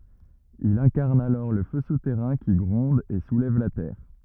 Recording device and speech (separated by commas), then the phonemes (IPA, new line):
rigid in-ear microphone, read sentence
il ɛ̃kaʁn alɔʁ lə fø sutɛʁɛ̃ ki ɡʁɔ̃d e sulɛv la tɛʁ